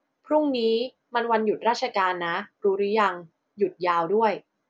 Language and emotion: Thai, neutral